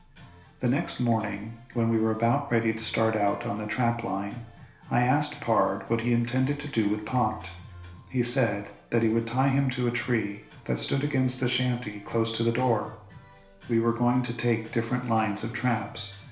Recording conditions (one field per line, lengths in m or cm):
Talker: one person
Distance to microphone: 1.0 m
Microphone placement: close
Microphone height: 1.1 m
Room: small (3.7 m by 2.7 m)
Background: music